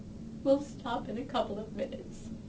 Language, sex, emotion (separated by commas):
English, female, sad